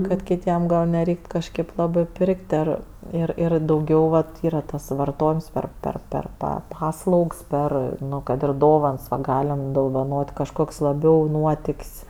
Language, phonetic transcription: Lithuanian, kad kiˈtiem gal neˈreikt kažˈkėp ˈlabɜ ˈpirk't' ar ir ˈir dauˈgiau vat ˈyra tas varˈtojims ˈper ˈper ˈper ˈpa ˈpaslaugs ˈper ˈnu kad ir ˈdovans va ˈgalim dovaˈnot' kažˈkok's' laˈbiau ˈnuotik's'

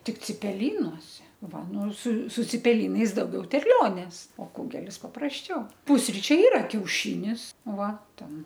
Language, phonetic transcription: Lithuanian, tik cipeˈlynose ˈva ˈnu su su cipeˈlynais dauˈgiau terˈlionės o ˈkugelis paprasˈčiau ˈpusričiai ˈyra kiauˈšinis ˈva ˈten

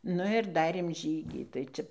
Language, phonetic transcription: Lithuanian, ˈnu ir ˈdarėm ˈžygį tai ˈčia

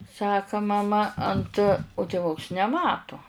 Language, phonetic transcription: Lithuanian, ˈsaka maˈma ant u tėˈvuks neˈmato

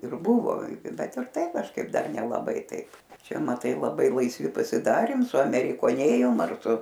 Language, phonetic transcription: Lithuanian, ˈir ˈbuvo ˈbet ir ˈtai kažˈkaip ˈdar nelaˈbai ˈtaip ˈčia maˈtai laˈbai laisˈvi pasiˈdarėm suamerikoˈnėjom ar ˈsu

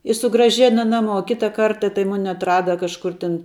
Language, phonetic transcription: Lithuanian, i sugraˈžena ˈnaˌmuo ˈkita ˈkarta tai ˈmuni atˈrada kažˈkur ˈtin

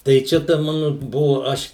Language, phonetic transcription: Lithuanian, tai ˈčia ta ˈmanu ˈbuvu ˈaš

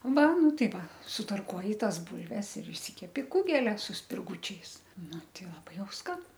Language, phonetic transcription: Lithuanian, ˈva ˈnu ˈtai ˈva sutarˈkuoji ˈtas ˈbulves ir išˈsikepti ˈkugelia su spirˈgučiais ˈnu ˈtei laˈbai ˈjau ˈskan

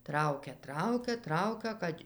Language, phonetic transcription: Lithuanian, ˈtraukia ˈtraukia ˈtraukia ˈkad'

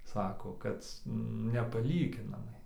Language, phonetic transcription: Lithuanian, ˈsako ˈkad nepaˈlyginamai

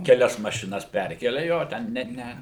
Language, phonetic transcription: Lithuanian, keˈlias mašiˈnas ˈperkelia ˈjo ˈten net ˈne

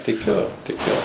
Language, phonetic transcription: Lithuanian, tiˈkiu tiˈkiu

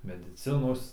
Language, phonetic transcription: Lithuanian, mediˈcinos

